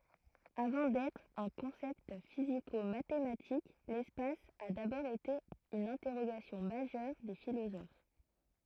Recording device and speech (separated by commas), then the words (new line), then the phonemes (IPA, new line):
throat microphone, read sentence
Avant d'être un concept physico-mathématique, l'espace a d'abord été une interrogation majeure des philosophes.
avɑ̃ dɛtʁ œ̃ kɔ̃sɛpt fizikomatematik lɛspas a dabɔʁ ete yn ɛ̃tɛʁoɡasjɔ̃ maʒœʁ de filozof